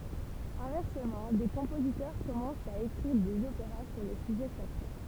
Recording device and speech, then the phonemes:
temple vibration pickup, read sentence
ɛ̃vɛʁsəmɑ̃ de kɔ̃pozitœʁ kɔmɑ̃st a ekʁiʁ dez opeʁa syʁ de syʒɛ sakʁe

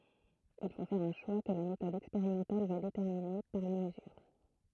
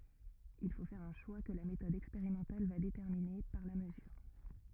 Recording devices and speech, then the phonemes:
throat microphone, rigid in-ear microphone, read sentence
il fo fɛʁ œ̃ ʃwa kə la metɔd ɛkspeʁimɑ̃tal va detɛʁmine paʁ la məzyʁ

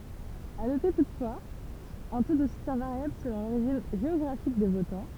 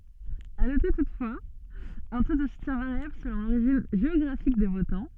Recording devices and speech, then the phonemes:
temple vibration pickup, soft in-ear microphone, read sentence
a note tutfwaz œ̃ to də sutjɛ̃ vaʁjabl səlɔ̃ loʁiʒin ʒeɔɡʁafik de votɑ̃

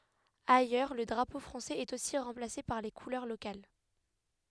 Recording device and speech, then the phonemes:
headset microphone, read sentence
ajœʁ lə dʁapo fʁɑ̃sɛz ɛt osi ʁɑ̃plase paʁ le kulœʁ lokal

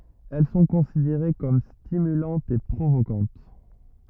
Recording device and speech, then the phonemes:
rigid in-ear microphone, read sentence
ɛl sɔ̃ kɔ̃sideʁe kɔm stimylɑ̃tz e pʁovokɑ̃t

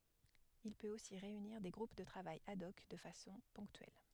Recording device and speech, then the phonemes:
headset microphone, read sentence
il pøt osi ʁeyniʁ de ɡʁup də tʁavaj ad ɔk də fasɔ̃ pɔ̃ktyɛl

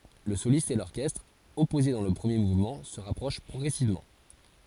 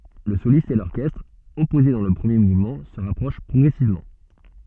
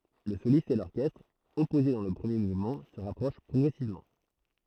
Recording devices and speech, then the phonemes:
forehead accelerometer, soft in-ear microphone, throat microphone, read sentence
lə solist e lɔʁkɛstʁ ɔpoze dɑ̃ lə pʁəmje muvmɑ̃ sə ʁapʁoʃ pʁɔɡʁɛsivmɑ̃

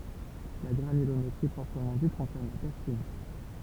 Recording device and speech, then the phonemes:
temple vibration pickup, read sentence
la ɡʁanylometʁi pʁɔpʁəmɑ̃ dit kɔ̃sɛʁn la tɛʁ fin

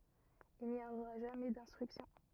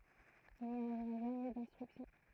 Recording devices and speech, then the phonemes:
rigid in-ear microphone, throat microphone, read sentence
il ni oʁa ʒamɛ dɛ̃stʁyksjɔ̃

